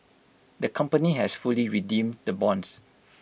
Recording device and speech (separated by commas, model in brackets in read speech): boundary microphone (BM630), read sentence